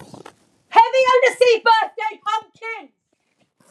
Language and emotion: English, happy